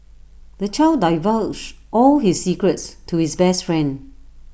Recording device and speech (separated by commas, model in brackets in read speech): boundary microphone (BM630), read sentence